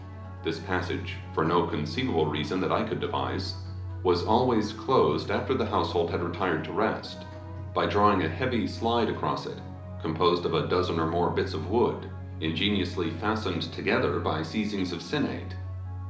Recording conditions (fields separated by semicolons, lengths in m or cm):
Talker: one person; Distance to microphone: 2.0 m; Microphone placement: close; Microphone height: 99 cm; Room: medium-sized (5.7 m by 4.0 m); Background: music